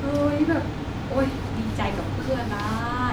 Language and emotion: Thai, happy